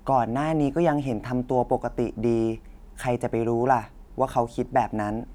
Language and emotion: Thai, neutral